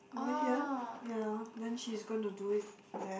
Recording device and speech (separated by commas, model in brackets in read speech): boundary microphone, conversation in the same room